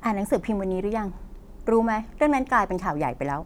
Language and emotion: Thai, frustrated